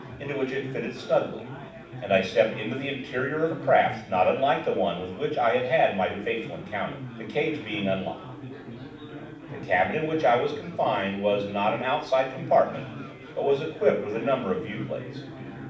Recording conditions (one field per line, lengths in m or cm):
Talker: one person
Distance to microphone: 5.8 m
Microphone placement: far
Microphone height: 1.8 m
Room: medium-sized (5.7 m by 4.0 m)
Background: babble